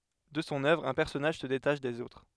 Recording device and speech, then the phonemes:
headset microphone, read sentence
də sɔ̃ œvʁ œ̃ pɛʁsɔnaʒ sə detaʃ dez otʁ

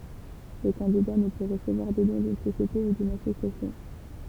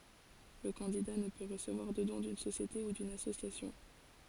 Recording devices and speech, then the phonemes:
temple vibration pickup, forehead accelerometer, read sentence
lə kɑ̃dida nə pø ʁəsəvwaʁ də dɔ̃ dyn sosjete u dyn asosjasjɔ̃

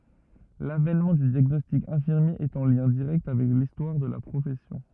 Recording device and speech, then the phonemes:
rigid in-ear microphone, read sentence
lavɛnmɑ̃ dy djaɡnɔstik ɛ̃fiʁmje ɛt ɑ̃ ljɛ̃ diʁɛkt avɛk listwaʁ də la pʁofɛsjɔ̃

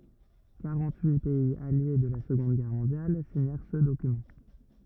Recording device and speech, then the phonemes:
rigid in-ear microphone, read sentence
kaʁɑ̃t yi pɛiz alje də la səɡɔ̃d ɡɛʁ mɔ̃djal siɲɛʁ sə dokymɑ̃

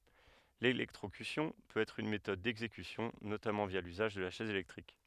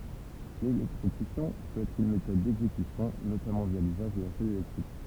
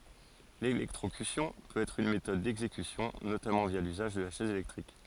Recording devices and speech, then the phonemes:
headset microphone, temple vibration pickup, forehead accelerometer, read sentence
lelɛktʁokysjɔ̃ pøt ɛtʁ yn metɔd dɛɡzekysjɔ̃ notamɑ̃ vja lyzaʒ də la ʃɛz elɛktʁik

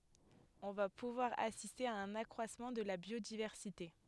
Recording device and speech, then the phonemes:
headset microphone, read sentence
ɔ̃ va puvwaʁ asiste a œ̃n akʁwasmɑ̃ də la bjodivɛʁsite

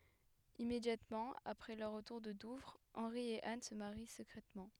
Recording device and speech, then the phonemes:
headset microphone, read sentence
immedjatmɑ̃ apʁɛ lœʁ ʁətuʁ də duvʁ ɑ̃ʁi e an sə maʁi səkʁɛtmɑ̃

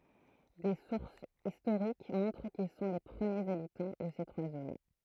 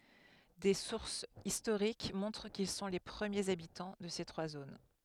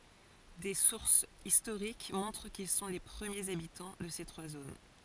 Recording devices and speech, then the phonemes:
throat microphone, headset microphone, forehead accelerometer, read sentence
de suʁsz istoʁik mɔ̃tʁ kil sɔ̃ le pʁəmjez abitɑ̃ də se tʁwa zon

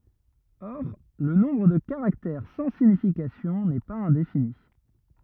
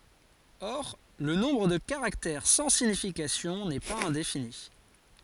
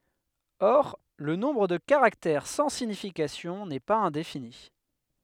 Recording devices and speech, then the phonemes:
rigid in-ear microphone, forehead accelerometer, headset microphone, read sentence
ɔʁ lə nɔ̃bʁ də kaʁaktɛʁ sɑ̃ siɲifikasjɔ̃ nɛ paz ɛ̃defini

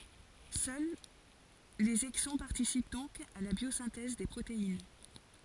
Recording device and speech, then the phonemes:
forehead accelerometer, read sentence
sœl lez ɛɡzɔ̃ paʁtisip dɔ̃k a la bjozɛ̃tɛz de pʁotein

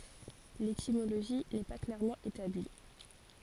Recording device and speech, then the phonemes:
forehead accelerometer, read sentence
letimoloʒi nɛ pa klɛʁmɑ̃ etabli

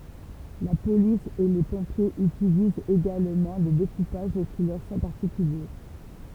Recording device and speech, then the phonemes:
temple vibration pickup, read sentence
la polis e le pɔ̃pjez ytilizt eɡalmɑ̃ de dekupaʒ ki lœʁ sɔ̃ paʁtikylje

